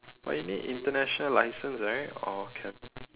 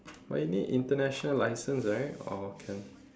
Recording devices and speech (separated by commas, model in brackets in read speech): telephone, standing microphone, conversation in separate rooms